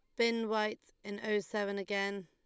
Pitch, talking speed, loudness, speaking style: 205 Hz, 175 wpm, -35 LUFS, Lombard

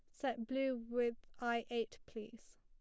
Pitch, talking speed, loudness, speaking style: 235 Hz, 150 wpm, -41 LUFS, plain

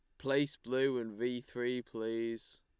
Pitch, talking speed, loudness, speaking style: 120 Hz, 150 wpm, -36 LUFS, Lombard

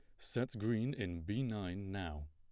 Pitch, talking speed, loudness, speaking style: 100 Hz, 170 wpm, -40 LUFS, plain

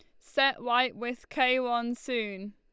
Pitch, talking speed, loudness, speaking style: 245 Hz, 155 wpm, -29 LUFS, Lombard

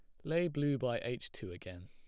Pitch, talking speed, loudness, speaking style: 125 Hz, 225 wpm, -37 LUFS, plain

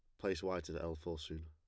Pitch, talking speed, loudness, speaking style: 85 Hz, 285 wpm, -42 LUFS, plain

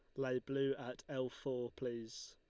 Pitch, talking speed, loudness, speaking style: 130 Hz, 170 wpm, -42 LUFS, Lombard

